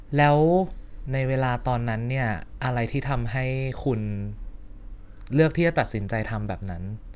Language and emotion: Thai, neutral